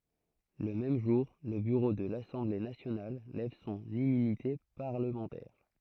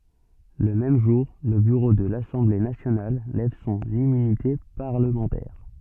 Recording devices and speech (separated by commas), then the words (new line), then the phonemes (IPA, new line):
throat microphone, soft in-ear microphone, read sentence
Le même jour, le bureau de l'Assemblée nationale lève son immunité parlementaire.
lə mɛm ʒuʁ lə byʁo də lasɑ̃ble nasjonal lɛv sɔ̃n immynite paʁləmɑ̃tɛʁ